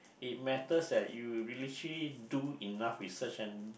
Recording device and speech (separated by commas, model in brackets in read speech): boundary microphone, conversation in the same room